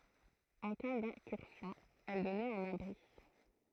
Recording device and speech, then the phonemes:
throat microphone, read sentence
ɑ̃ ka dɛ̃kyʁsjɔ̃ ɛl dɔnɛt œ̃n abʁi

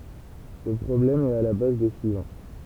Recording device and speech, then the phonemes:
temple vibration pickup, read sentence
sə pʁɔblɛm ɛt a la baz de syivɑ̃

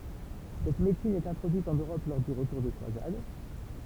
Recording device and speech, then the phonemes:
temple vibration pickup, read sentence
sɛt medəsin ɛt ɛ̃tʁodyit ɑ̃n øʁɔp lɔʁ dy ʁətuʁ de kʁwazad

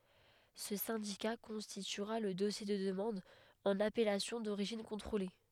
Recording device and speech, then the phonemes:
headset microphone, read sentence
sə sɛ̃dika kɔ̃stityʁa lə dɔsje də dəmɑ̃d ɑ̃n apɛlasjɔ̃ doʁiʒin kɔ̃tʁole

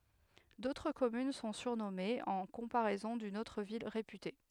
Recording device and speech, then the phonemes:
headset microphone, read sentence
dotʁ kɔmyn sɔ̃ syʁnɔmez ɑ̃ kɔ̃paʁɛzɔ̃ dyn otʁ vil ʁepyte

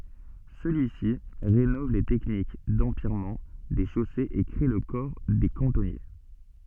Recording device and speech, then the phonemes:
soft in-ear microphone, read sentence
səlyi si ʁenɔv le tɛknik dɑ̃pjɛʁmɑ̃ de ʃosez e kʁe lə kɔʁ de kɑ̃tɔnje

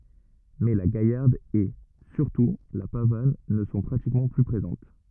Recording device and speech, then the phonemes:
rigid in-ear microphone, read sentence
mɛ la ɡajaʁd e syʁtu la pavan nə sɔ̃ pʁatikmɑ̃ ply pʁezɑ̃t

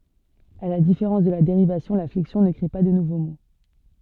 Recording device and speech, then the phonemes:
soft in-ear microphone, read sentence
a la difeʁɑ̃s də la deʁivasjɔ̃ la flɛksjɔ̃ nə kʁe pa də nuvo mo

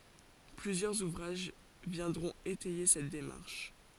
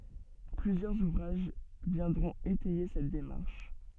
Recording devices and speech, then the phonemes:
forehead accelerometer, soft in-ear microphone, read sentence
plyzjœʁz uvʁaʒ vjɛ̃dʁɔ̃t etɛje sɛt demaʁʃ

